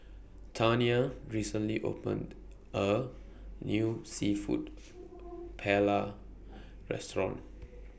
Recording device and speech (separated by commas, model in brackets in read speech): boundary microphone (BM630), read sentence